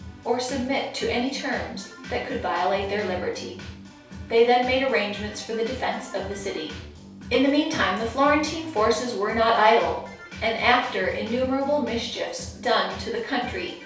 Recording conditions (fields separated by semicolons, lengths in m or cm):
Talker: one person; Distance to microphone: 3.0 m; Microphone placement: far; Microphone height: 1.8 m; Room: small (3.7 m by 2.7 m); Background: music